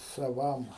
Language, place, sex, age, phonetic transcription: Lithuanian, Aukštaitija, male, 60+, saˈvam

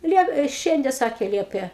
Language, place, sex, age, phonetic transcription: Lithuanian, Aukštaitija, female, 60+, ˈliep i ˈšiande ˈsakė ˈliepė

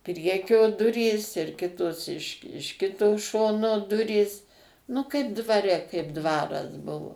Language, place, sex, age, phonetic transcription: Lithuanian, Suvalkija, female, 60+, ˈpriekio ˈdurys ir ˈkitos iš iš ˈkito ˈšono ˈdurys nu kaip dvaˈre kaip ˈdvaras ˈbuvo

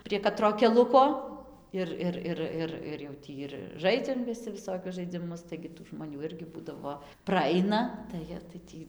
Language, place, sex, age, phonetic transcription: Lithuanian, Dzūkija, female, 18-60, prie kaˈtro keˈluko ˈir ˈir ˈir ˈir ir jau ˈtį ir ˈžaidziam viˈsi viˈsokius žaidziˈmus taigi tų žmoˈnių ˈirgi ˈbūdavo praˈaina tai ˈjie tai ˈtį

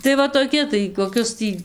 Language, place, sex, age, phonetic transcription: Lithuanian, Dzūkija, female, 18-60, tai ˈva toˈki tai koˈkius ˈtį

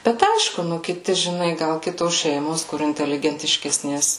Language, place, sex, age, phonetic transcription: Lithuanian, Suvalkija, female, 18-60, ˈbet ˈaišku ˈnu ˈkiti žiˈnai gal ˈkitos ˈšeimos kur inteligentiškesˈnės

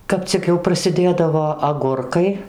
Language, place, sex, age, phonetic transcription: Lithuanian, Dzūkija, female, 60+, ˈkap cik jau prasiˈdėdavo aˈgurkai

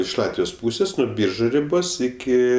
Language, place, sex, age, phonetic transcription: Lithuanian, Aukštaitija, male, 18-60, iš ˈlatvijos ˈpūsės nu ˈbyržu riˈbos ˈiki

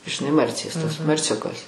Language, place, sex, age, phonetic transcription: Lithuanian, Aukštaitija, female, 60+, žiˈnai ˈmarcės tas marˈciukas

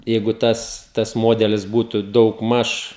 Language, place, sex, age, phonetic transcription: Lithuanian, Žemaitija, male, 18-60, jeigu ˈtas tas ˈmodelis ˈbūtu daugˈmaž

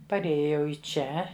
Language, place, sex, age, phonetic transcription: Lithuanian, Žemaitija, female, 60+, parˈėjo jau i ˈčia

